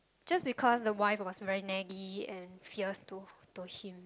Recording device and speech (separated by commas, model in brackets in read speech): close-talking microphone, conversation in the same room